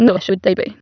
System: TTS, waveform concatenation